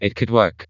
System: TTS, vocoder